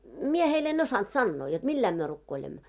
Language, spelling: Finnish, minä heille en osannut sanoa jotta millä lailla me rukoilemme
- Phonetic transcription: 'mie heil en 'osant "sannoo jot 'milläim myö rukkoilemmo .

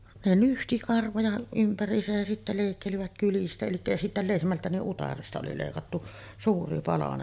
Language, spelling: Finnish, ne nyhti karvoja ympäriinsä ja sitten leikkelivät kyljistä eli ja sitten lehmältä niin utareesta oli leikattu suuri palanen
- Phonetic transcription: ne 'nyhti karvoja ympär̀iisäj jä sittä 'lèikkelivät 'kylistä elikkä ja sittä 'lehmältä niˀ "ˀutaresta oli lèikattu , 'suuri 'palanen .

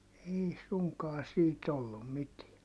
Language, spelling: Finnish, ei suinkaan siitä ollut mitään
- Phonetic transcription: ei suŋkaa siit ollum mitiä .

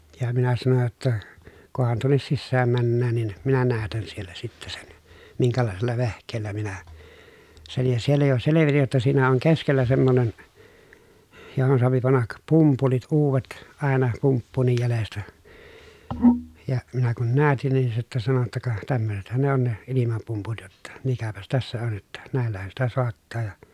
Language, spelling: Finnish, ja minä sanoin jotta kunhan tuonne sisään mennään niin minä näytän siellä sitten sen minkälaisella vehkeellä minä sen ja siellä jo selvitin jotta siinä on keskellä semmoinen johon saa panna pumpulit uudet aina pumppuunkin jäljestä ja minä kun näytin niin se sitten sanoi jotta ka tämmöisethän ne on ne ilmapumput jotta mikäpäs tässä on jotta näillähän sitä saattaa ja
- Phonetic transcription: ja minä sanoj jotta , » kohan tuonnes sissääm männään nin , minä näätän siellä sitte sen , miŋkälàesella vehk̀eellä minä , sen » , ja siellä jo selevitij jotta siinä oŋ keskellä semmonen , johon soapi pannak , pumpulit uuvet , àena pumppuunnij jälestä , ja , minä kun näätin nin se sittä sano ‿tta » ka , tämmösethän ne ‿on ne , ilimapumput jotta , mikäpäs tässä on jotta , nä̀ellähän sitä soattaa ja » ,.

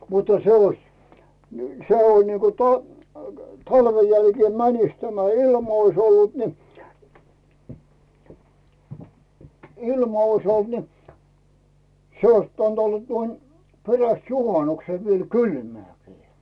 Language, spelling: Finnish, mutta se olisi - se on niin kuin - talven jälkeen menisi tämä ilma olisi ollut niin ilma olisi ollut niin se olisi pitänyt olla tuon perästä juhanuksen vielä kylmääkin
- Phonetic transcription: mutta se oⁱs , n- 'se on niiko 'to- , 'talven jälkee 'mänis tämä 'ilm ‿ois ollut ni , 'ilma ois ‿olt ni , 'se ois pitäⁿt olla 'tuon , 'peräst "juhanukse viel "kylmääkɪɪ .

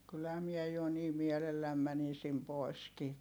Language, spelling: Finnish, kyllähän minä jo niin mielelläni menisin poiskin
- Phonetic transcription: kylhä miɛ jo nii mielelläm mänisim poi̮skii .

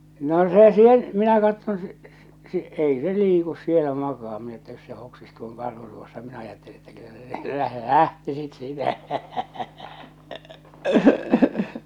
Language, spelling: Finnish, no se sen minä katson se - - ei se liiku siellä makaa minä että jos se hoksisi tuon karhun tuossa minä ajattelin että kyllä se - lähtisit siitä
- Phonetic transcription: 'no 'se 'sen , minä katton se , s- s- , 'ei se 'liikus 'sielä 'makaa minä että jos se 'hoksis tuoŋ "karhu tuossa minä ajatteli että kyllä se 'läh- , "lähtisit 'siitä .

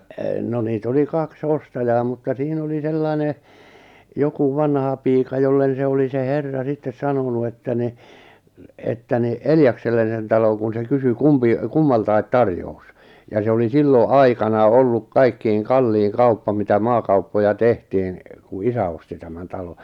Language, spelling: Finnish, no niitä oli kaksi ostajaa mutta siinä oli sellainen joku vanhapiika jolle se oli se herra sitten sanonut että niin että niin Eljakselle sen talon kun se kysyi kumpi kummaltakin tarjous ja se oli silloin aikanaan ollut kaikkein kallein kauppa mitä maakauppoja tehtiin kun isä osti tämän talon
- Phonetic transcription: no nii't ‿oli 'kaks 'ostajaa mutta 'siin ‿oli 'sellai̬ne , joku 'vanhapiika jollen̬ 'se oli 'se "herra 'sittes 'sanonu että ni , että ni "Eljaksellen̬ sen 'taloŋ kun se kysy "kumpi , 'kummaltai̬t "tarjous , ja se oli "sillo "’aikanaa olluk 'kaikkiiŋ 'kalliiŋ 'kauppa mitä 'maakauppoja 'tehtiin , ku "isä osti tämän 'talo .

